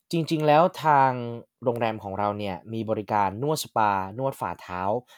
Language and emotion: Thai, neutral